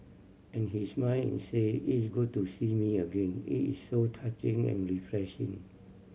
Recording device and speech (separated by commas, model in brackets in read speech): mobile phone (Samsung C7100), read sentence